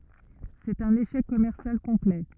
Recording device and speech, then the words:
rigid in-ear microphone, read sentence
C'est un échec commercial complet.

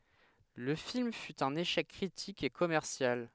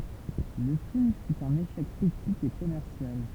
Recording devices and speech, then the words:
headset microphone, temple vibration pickup, read sentence
Le film fut un échec critique et commercial.

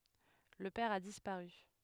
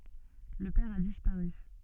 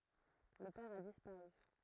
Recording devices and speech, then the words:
headset microphone, soft in-ear microphone, throat microphone, read sentence
Le père a disparu.

